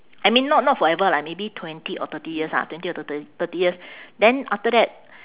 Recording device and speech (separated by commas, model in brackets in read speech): telephone, conversation in separate rooms